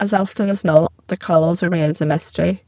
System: VC, spectral filtering